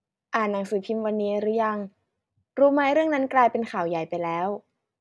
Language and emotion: Thai, neutral